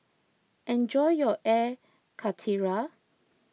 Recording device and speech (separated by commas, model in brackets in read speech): mobile phone (iPhone 6), read sentence